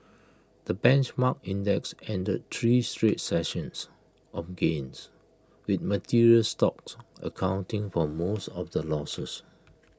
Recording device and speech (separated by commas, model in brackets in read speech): close-talking microphone (WH20), read sentence